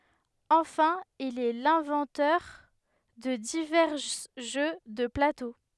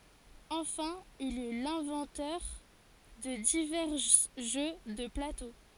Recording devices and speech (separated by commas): headset microphone, forehead accelerometer, read sentence